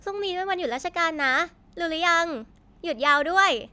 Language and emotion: Thai, happy